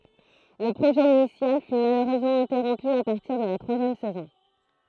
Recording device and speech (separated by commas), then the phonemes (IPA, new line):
throat microphone, read sentence
lə pʁoʒɛ inisjal fy maløʁøzmɑ̃ ɛ̃tɛʁɔ̃py a paʁtiʁ də la tʁwazjɛm sɛzɔ̃